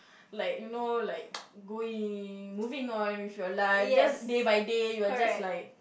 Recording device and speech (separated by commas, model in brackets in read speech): boundary microphone, conversation in the same room